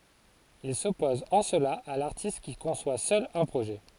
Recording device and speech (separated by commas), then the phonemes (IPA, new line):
forehead accelerometer, read sentence
il sɔpɔz ɑ̃ səla a laʁtist ki kɔ̃swa sœl œ̃ pʁoʒɛ